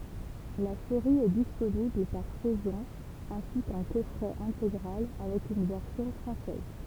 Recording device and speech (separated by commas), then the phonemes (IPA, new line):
temple vibration pickup, read sentence
la seʁi ɛ disponibl paʁ sɛzɔ̃ ɛ̃si kɑ̃ kɔfʁɛ ɛ̃teɡʁal avɛk yn vɛʁsjɔ̃ fʁɑ̃sɛz